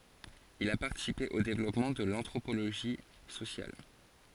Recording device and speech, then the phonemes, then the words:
forehead accelerometer, read sentence
il a paʁtisipe o devlɔpmɑ̃ də l ɑ̃tʁopoloʒi sosjal
Il a participé au développement de l'anthropologie sociale.

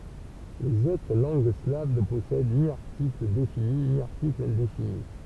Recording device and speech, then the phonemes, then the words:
temple vibration pickup, read sentence
lez otʁ lɑ̃ɡ slav nə pɔsɛd ni aʁtikl defini ni aʁtikl ɛ̃defini
Les autres langues slaves ne possèdent ni article défini ni article indéfini.

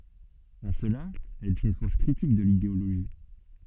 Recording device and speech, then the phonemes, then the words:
soft in-ear microphone, read sentence
ɑ̃ səla ɛl ɛt yn fɔʁs kʁitik də lideoloʒi
En cela, elle est une force critique de l'idéologie.

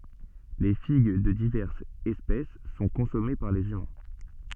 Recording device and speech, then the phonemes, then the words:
soft in-ear microphone, read sentence
le fiɡ də divɛʁsz ɛspɛs sɔ̃ kɔ̃sɔme paʁ lez ymɛ̃
Les figues de diverses espèces sont consommées par les humains.

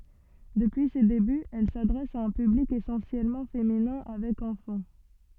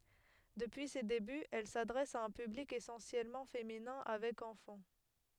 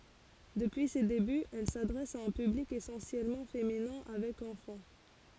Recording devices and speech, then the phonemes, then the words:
soft in-ear microphone, headset microphone, forehead accelerometer, read sentence
dəpyi se debyz ɛl sadʁɛs a œ̃ pyblik esɑ̃sjɛlmɑ̃ feminɛ̃ avɛk ɑ̃fɑ̃
Depuis ses débuts, elle s’adresse à un public essentiellement féminin avec enfants.

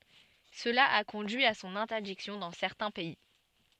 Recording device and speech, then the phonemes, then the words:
soft in-ear microphone, read sentence
səla a kɔ̃dyi a sɔ̃n ɛ̃tɛʁdiksjɔ̃ dɑ̃ sɛʁtɛ̃ pɛi
Cela a conduit à son interdiction dans certains pays.

